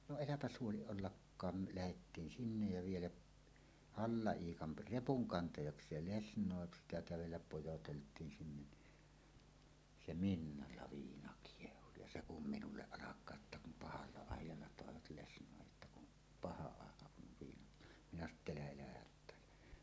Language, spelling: Finnish, no äläpä huoli ollenkaan me lähdettiin sinne ja vielä Halla-Iikan repunkantajakseen lesnoi sitä kävellä pojoteltiin sinne niin se miniällä viina kiehui ja se kun minulle alkaa että kun pahalla ajalla toivat lesnoin jotta kun paha aika kun viinat minä sanoi että älä älä hättäile
- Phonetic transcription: no "eläpäs 'huoliˀ 'ˀollakkaam me 'lähettiin "sinnej ja vielä’ , Halla₍iikan , "repuŋkantajaks̀eel 'lesǹòe sitä 'kävelläp 'pojotelt̀iin sinnen ni , ’se "minnalla "viina "kiehu ja "se 'kum 'minulleˀ "ˀalak̀aa ’että kum "pahalla 'àij̆jalla tòevat 'lesǹòej jotta kun , "paha 'àeka 'kun 'viinat , 'minä sano ‿t"t ‿elä 'elä "hät̆tä̀ele .

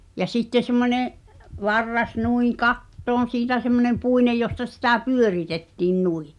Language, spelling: Finnish, ja sitten semmoinen varras noin kattoon siitä semmoinen puinen josta sitä pyöritettiin noin
- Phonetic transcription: ja 'sitte semmońe’ , 'varras nuiḭ "kattoon̬ 'siitä semmonem 'puinej josta sitä "pyöritettiin 'nui .

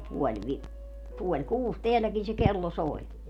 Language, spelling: Finnish, no puoli - puoli kuusi täälläkin se kello soi
- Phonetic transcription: no 'puoĺ 'vi- , 'puoĺ "kuus 'teälläkin se "kello 'soi̮ .

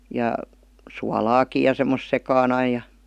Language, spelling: Finnish, ja suolaakin ja semmoista sekaan aina ja
- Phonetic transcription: ja , sua'laaki ja 'semmos 'sekaan ‿ai ja .

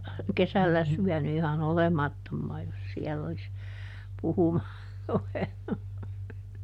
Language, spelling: Finnish, kesällä syönyt ihan olemattomaan jos siellä olisi puhumaan ruvennut
- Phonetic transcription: "kesällä ˈsyäny iha"n ‿olemattommaa jos ˈsiɛll ‿olis , ˈpuhumaar ˈruvennu .

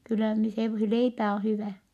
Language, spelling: Finnish, kyllä niin se leipä on hyvä
- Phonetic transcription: kyllä ni , he , leipä on̬ hyvä̀ . »

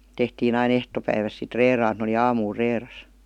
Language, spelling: Finnish, tehtiin aina ehtopäivästä sitten reilaan että ne oli aamulla reilassa
- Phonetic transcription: 'tehtiin ‿ain "ehtopäiväs sit 'reeraan ‿et n ‿oli "aamuul "reeras .

